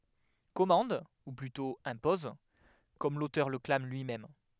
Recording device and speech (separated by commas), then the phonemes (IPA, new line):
headset microphone, read sentence
kɔmɑ̃d u plytɔ̃ ɛ̃pɔz kɔm lotœʁ lə klam lyimɛm